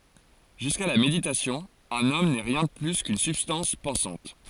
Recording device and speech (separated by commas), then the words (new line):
forehead accelerometer, read sentence
Jusqu'à la méditation, un homme n'est rien de plus qu'une substance pensante.